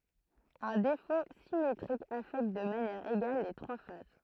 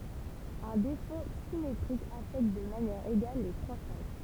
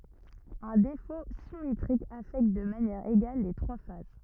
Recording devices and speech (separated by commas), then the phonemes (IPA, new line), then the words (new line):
throat microphone, temple vibration pickup, rigid in-ear microphone, read sentence
œ̃ defo simetʁik afɛkt də manjɛʁ eɡal le tʁwa faz
Un défaut symétrique affecte de manière égale les trois phases.